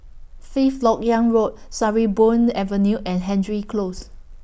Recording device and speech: boundary microphone (BM630), read sentence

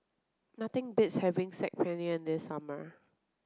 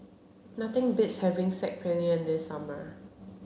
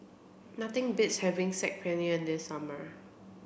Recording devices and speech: close-talking microphone (WH30), mobile phone (Samsung C7), boundary microphone (BM630), read sentence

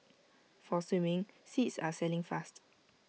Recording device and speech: mobile phone (iPhone 6), read sentence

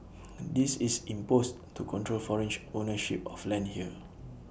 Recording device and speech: boundary microphone (BM630), read sentence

